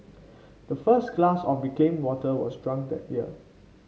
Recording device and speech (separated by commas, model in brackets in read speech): mobile phone (Samsung C5), read sentence